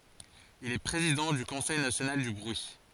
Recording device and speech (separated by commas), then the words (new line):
forehead accelerometer, read sentence
Il est président du Conseil national du bruit.